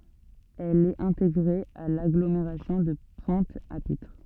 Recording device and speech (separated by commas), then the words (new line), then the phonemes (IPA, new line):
soft in-ear microphone, read sentence
Elle est intégrée à l'agglomération de Pointe-à-Pitre.
ɛl ɛt ɛ̃teɡʁe a laɡlomeʁasjɔ̃ də pwɛ̃t a pitʁ